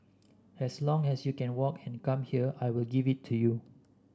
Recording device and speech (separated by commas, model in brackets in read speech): standing microphone (AKG C214), read sentence